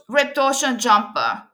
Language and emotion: English, neutral